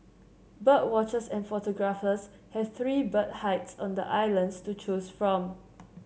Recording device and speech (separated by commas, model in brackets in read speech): mobile phone (Samsung C7), read sentence